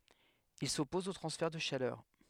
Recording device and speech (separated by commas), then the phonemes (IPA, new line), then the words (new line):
headset microphone, read sentence
il sɔpɔz o tʁɑ̃sfɛʁ də ʃalœʁ
Il s'oppose aux transferts de chaleur.